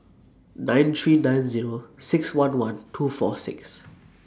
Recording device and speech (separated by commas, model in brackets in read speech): standing microphone (AKG C214), read sentence